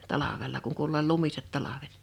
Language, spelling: Finnish, talvella kun kuului olleen lumiset talvet
- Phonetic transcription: 'talavel̀a kuŋ kuul ‿(ol)leel "lumiset 'talavet .

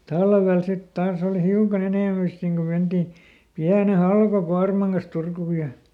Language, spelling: Finnish, talvella sitten taas oli hiukan enemmän sitten niin kuin mentiin pienen halkokuorman kanssa Turkuun ja
- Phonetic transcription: "talvel ˈsit ˈtaas ‿oolⁱ "hiukaˈn ‿enèmä sit niŋ ko ˈmenti , ˈpiäne "halkoˈkuarmaŋ kas ˈTurkù ja ,.

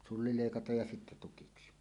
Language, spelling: Finnish, sulli leikataan ja sitten tukiksi
- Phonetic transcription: sulli 'lèikataj ja sittä 'tukiksi .

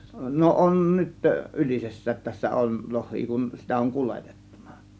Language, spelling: Finnish, no on nyt Ylisessä tässä on lohia kun sitä on kuljetettu
- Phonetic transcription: no 'on 'nyt , 'Ylises̀säät tässä on , 'loh̆hii kun , sitä oŋ "kuletEttUNA .

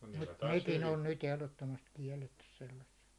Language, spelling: Finnish, mutta nekin on nyt ehdottomasti kielletty sellaiset
- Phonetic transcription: mut nekin on nyt ehlottomast 'kiɛllettys sellasset .

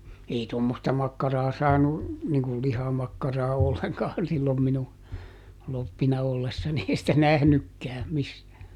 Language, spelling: Finnish, ei tuommoista makkaraa saanut niin kun lihamakkaraa ollenkaan silloin minun kloppina ollessani ei sitä nähnytkään missään
- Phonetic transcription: ˈei ˈtommosta ˈmakkaraa saanu , niŋkul "lihamakkaraa ˈolleŋkaan sillom minu , ˈloppina ollessani - ˈei sitä ˈnähnykkää , ˈmissää .

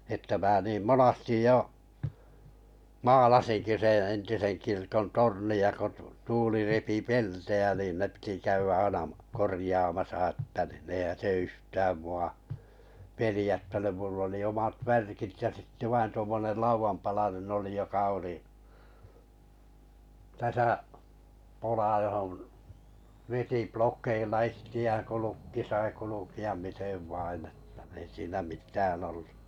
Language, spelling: Finnish, että minä niin monesti jo maalasinkin sen entisen kirkon tornia kun tuuli repi peltejä niin ne piti käydä aina korjaamassa että niin eihän se yhtään minua pelottanut minulla oli omat värkit ja sitten vain tuommoinen laudanpalanen oli joka oli tässä pola johon veti plokeilla itseään kun lukki sai kulkea miten vain että ei siinä mitään ollut
- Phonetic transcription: että mää niim 'monastij jo , "maalasinki seḛ 'entisen 'kirkon "torni₍a ko , 'tuuli repi "pel-tejä nìn ne pⁱti 'käyvä 'aina , 'korⁱjaamasa ‿ᵉttä nii eihän̬ se 'yhtääm 'mu₍a , "pelⁱjättänym mull ‿oli 'omat "värkit ja sitte 'vain tuommonel 'lauvampalanen ‿oli joka oli , 'täsä’ , 'pola johon , '(vi)ti 'plok̆keilla 'ihti₍ään ko 'lukki sai 'kuluki₍am 'mitev 'vainn ‿että ei siinä "mit̀ään ‿ollu ,.

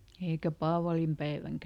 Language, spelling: Finnish, eikä paavalinpäivänäkään
- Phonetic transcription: eikä ˈpaavalimpäiväŋkä !

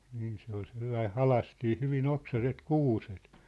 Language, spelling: Finnish, niin se oli sellainen halkaistiin hyvin oksaiset kuuset
- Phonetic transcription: niin se ‿ol sellai 'halastii hyvin 'oksaset 'kuuset .

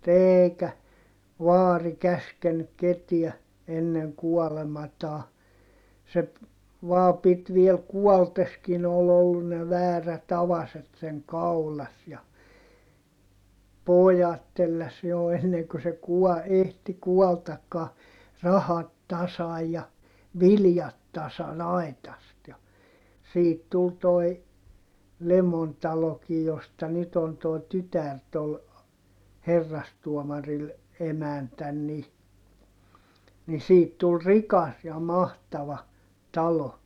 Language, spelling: Finnish, eikä vaari käskenyt ketään ennen kuolemaansa se vain piti vielä kuollessakin oli ollut ne väärät avaset sen kaulassa ja pojat telläsi jo ennen kuin se - ehti kuollakaan rahat tasan ja viljat tasan aitasta ja siitä tuli tuo Lemon talokin josta nyt on tuo tytär tuolla herrastuomarilla emäntänä niin niin siitä tuli rikas ja mahtava talo
- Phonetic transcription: eeikä , vaari käskennyk ketiä , enneŋ kuɔlemataa , se , vaa pit viel kuɔlteskin ‿ol ‿ollun ne väärät avaset seŋ kaulas ja , pojat telläs jo enneŋ ku se kuɔ- , ehti kuɔltakkaa , rahat tasaj ja , viljat tasan ‿ai̮tast ja , siit tul toi , Lemon talokij josta nyt ‿on tòi̮ tytär tol , herrastuɔmaril , emäntän ni , ni siit tul rikas ja mahtava , talo .

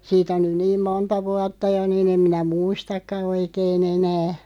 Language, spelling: Finnish, siitä on nyt niin monta vuotta jo niin en minä muistakaan oikein enää
- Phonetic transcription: 'siit ‿on nyn 'niim "monta 'vuatta 'jo nii'n ‿em minä "muistakka 'oikee'n ‿enä .

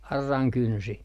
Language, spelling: Finnish, auran kynsi
- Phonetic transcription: 'arraŋ 'kynsi .

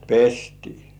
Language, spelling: Finnish, pestiin
- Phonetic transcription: pestii .

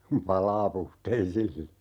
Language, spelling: Finnish, kun palaa puhteisilla
- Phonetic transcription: kum "palaa 'puhteisilla .

